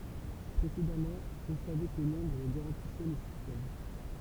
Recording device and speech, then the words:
temple vibration pickup, read sentence
Précédemment, on savait que Londres garantissait le système.

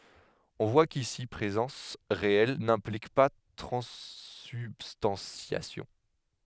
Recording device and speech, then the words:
headset microphone, read sentence
On voit qu'ici présence réelle n'implique pas transsubstantiation.

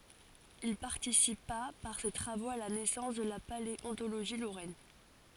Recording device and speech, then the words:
forehead accelerometer, read sentence
Il participa par ses travaux à la naissance de la paléontologie lorraine.

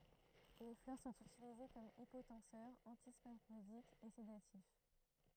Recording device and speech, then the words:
throat microphone, read sentence
Les fleurs sont utilisées comme hypotenseur, antispasmodique et sédatif.

